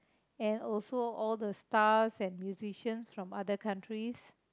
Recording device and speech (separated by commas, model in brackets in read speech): close-talking microphone, conversation in the same room